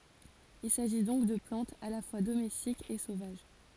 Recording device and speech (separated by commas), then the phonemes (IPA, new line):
forehead accelerometer, read sentence
il saʒi dɔ̃k də plɑ̃tz a la fwa domɛstikz e sovaʒ